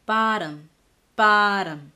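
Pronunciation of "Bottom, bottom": In 'bottom', the t comes between two vowel sounds before an unstressed syllable. It is said as a flap, not a true T.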